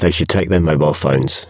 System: VC, spectral filtering